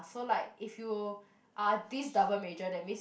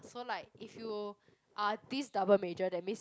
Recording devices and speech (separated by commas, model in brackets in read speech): boundary microphone, close-talking microphone, conversation in the same room